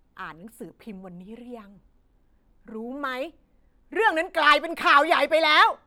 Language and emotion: Thai, angry